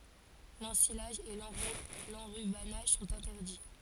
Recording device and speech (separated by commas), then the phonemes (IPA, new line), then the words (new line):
forehead accelerometer, read sentence
lɑ̃silaʒ e lɑ̃ʁybanaʒ sɔ̃t ɛ̃tɛʁdi
L’ensilage et l’enrubannage sont interdits.